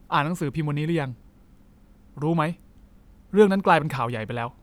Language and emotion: Thai, frustrated